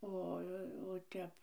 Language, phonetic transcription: Lithuanian, ˈo o ˈtep

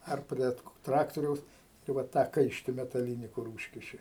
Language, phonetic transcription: Lithuanian, ˈar ˈprie ˈtraktoriaus tai ˈva ˈtą ˈkaišti metaˈlyni kur ˈūžkiši

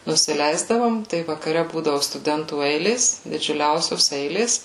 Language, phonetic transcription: Lithuanian, nusiˈleisdavom tai vakaˈre ˈbūdavu stuˈdentų ˈeilės didžiuˈliausios ˈeilės

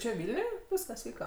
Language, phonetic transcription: Lithuanian, čia ˈvilniuj ˈvyskas ˈvyka

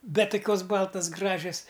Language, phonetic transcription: Lithuanian, ˈbet toˈkios ˈbaltas ˈgražias

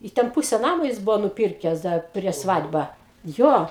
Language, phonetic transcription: Lithuanian, i ˈten ˈpuse ˈnamo ˈjis ˈbuvo nuˈpyrkes ˈdar prieš ˈsvad' ba ˈjo

